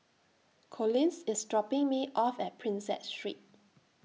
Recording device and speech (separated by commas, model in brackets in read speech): mobile phone (iPhone 6), read sentence